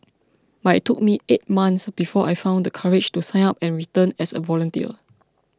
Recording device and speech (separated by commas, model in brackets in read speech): close-talking microphone (WH20), read sentence